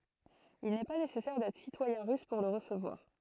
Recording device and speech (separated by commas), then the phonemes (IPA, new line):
throat microphone, read sentence
il nɛ pa nesɛsɛʁ dɛtʁ sitwajɛ̃ ʁys puʁ lə ʁəsəvwaʁ